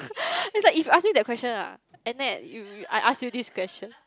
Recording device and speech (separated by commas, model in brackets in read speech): close-talking microphone, conversation in the same room